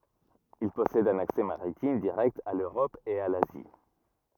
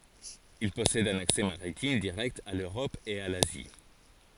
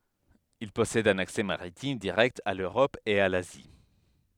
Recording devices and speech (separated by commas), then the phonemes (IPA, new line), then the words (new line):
rigid in-ear microphone, forehead accelerometer, headset microphone, read sentence
il pɔsɛd œ̃n aksɛ maʁitim diʁɛkt a løʁɔp e a lazi
Il possède un accès maritime direct à l'Europe et à l'Asie.